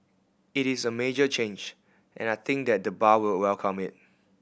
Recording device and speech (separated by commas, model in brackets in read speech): boundary microphone (BM630), read sentence